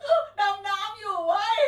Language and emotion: Thai, happy